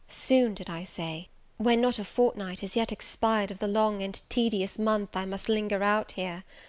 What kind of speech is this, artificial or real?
real